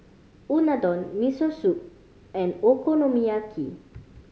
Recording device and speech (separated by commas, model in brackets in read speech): mobile phone (Samsung C5010), read sentence